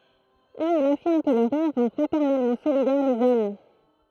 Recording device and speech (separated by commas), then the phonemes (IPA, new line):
throat microphone, read sentence
u il afiʁm kə lə ʁiʁ ʁɑ̃ fʁatɛʁnɛlmɑ̃ solidɛʁ lez ɔm